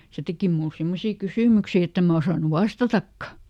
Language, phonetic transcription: Finnish, ˈse teki mul ˈsimmosii ˈkysỳmyksi ett ‿em mä osànu "vastatakka » .
- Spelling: se teki minulle semmoisia kysymyksiä että en minä osannut vastatakaan

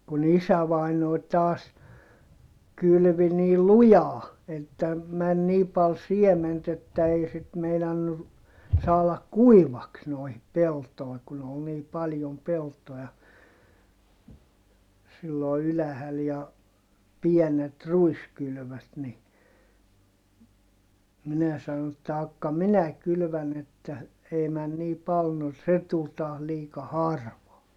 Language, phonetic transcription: Finnish, kun ‿isävàinòi̮ taas , kylvi nii lujaa , että , män nii pal siement ‿että ei sit meinannu , saalak kuivaks noihip peltoi̮ kun ‿ol nii paljom peltoja , sillo ylähäl ja , piɛnet ruiskylʸvöt ni , minä sano että » akka minä kylvän ‿että , ei män nii pal » no se tul taah liika harvaa .
- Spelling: kun isävainaja taas kylvi niin lujaa että meni niin paljon siementä että ei sitten meinannut saada kuivaksi noihin peltoihin kun oli niin paljon peltoja silloin ylhäällä ja pienet ruiskylvöt niin minä sanoin että jahka minä kylvän että ei mene niin paljon no se tuli taas liika harvaa

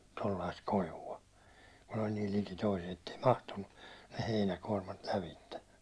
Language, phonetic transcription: Finnish, kun ‿oĺ niil 'liki toiset ettei "mahtunnu ne 'heinäkuårmmat 'lävitte .
- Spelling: kun oli niin liki toiset että ei mahtunut ne heinäkuormat lävitse

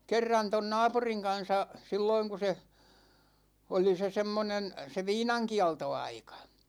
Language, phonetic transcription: Finnish, 'kerran ton "naapuriŋ 'kan̬sa , 'silloiŋ ku se , oli se 'semmonen , se "viinaŋkialto'aika .
- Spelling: kerran tuon naapurin kanssa silloin kun se oli se semmoinen se viinankieltoaika

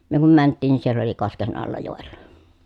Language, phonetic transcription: Finnish, myö kum mänttiin nin siell ‿oli kosken alla jòelLA .
- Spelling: me kun mentiin niin siellä oli kosken alla joella

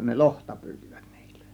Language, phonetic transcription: Finnish, 'ne "lohta pyytIVÄt NIILLÄ .
- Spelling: ne lohta pyysivät niillä

